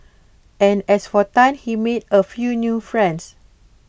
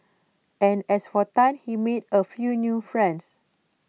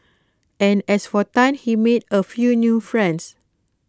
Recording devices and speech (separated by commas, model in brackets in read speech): boundary microphone (BM630), mobile phone (iPhone 6), close-talking microphone (WH20), read sentence